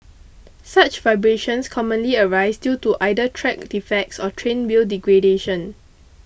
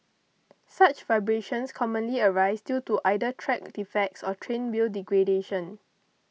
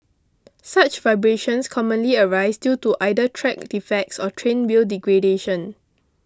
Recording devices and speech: boundary microphone (BM630), mobile phone (iPhone 6), close-talking microphone (WH20), read sentence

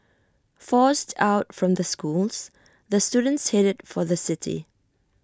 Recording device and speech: standing microphone (AKG C214), read sentence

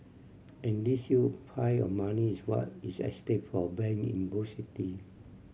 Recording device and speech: mobile phone (Samsung C7100), read sentence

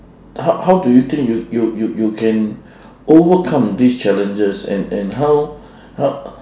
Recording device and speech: standing microphone, conversation in separate rooms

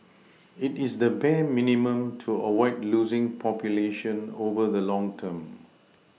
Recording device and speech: mobile phone (iPhone 6), read sentence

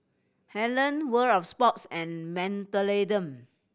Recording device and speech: boundary microphone (BM630), read sentence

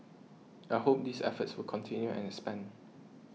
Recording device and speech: mobile phone (iPhone 6), read sentence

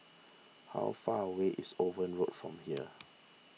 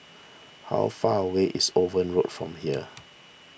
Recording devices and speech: mobile phone (iPhone 6), boundary microphone (BM630), read sentence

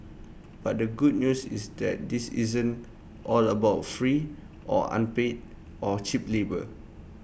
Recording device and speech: boundary microphone (BM630), read sentence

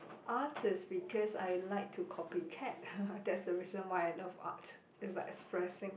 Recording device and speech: boundary microphone, conversation in the same room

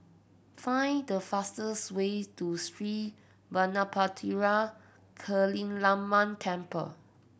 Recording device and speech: boundary microphone (BM630), read sentence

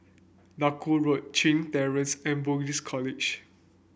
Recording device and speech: boundary microphone (BM630), read sentence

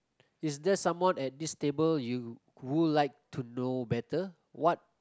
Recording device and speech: close-talking microphone, conversation in the same room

